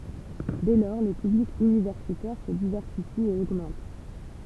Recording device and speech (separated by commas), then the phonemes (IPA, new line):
temple vibration pickup, read sentence
dɛ lɔʁ lə pyblik ynivɛʁsitɛʁ sə divɛʁsifi e oɡmɑ̃t